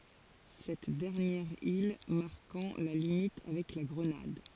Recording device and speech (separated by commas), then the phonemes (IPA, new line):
forehead accelerometer, read sentence
sɛt dɛʁnjɛʁ il maʁkɑ̃ la limit avɛk la ɡʁənad